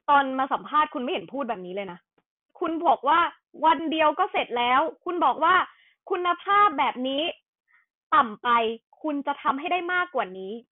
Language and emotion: Thai, angry